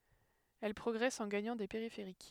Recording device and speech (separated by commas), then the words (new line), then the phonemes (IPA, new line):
headset microphone, read sentence
Elles progressent en gagnant des périphériques.
ɛl pʁɔɡʁɛst ɑ̃ ɡaɲɑ̃ de peʁifeʁik